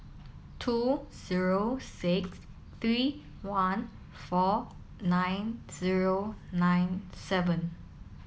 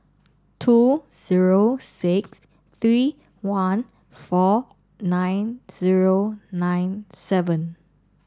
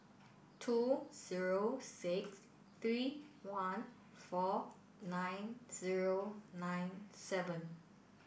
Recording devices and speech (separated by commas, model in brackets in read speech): mobile phone (iPhone 7), standing microphone (AKG C214), boundary microphone (BM630), read sentence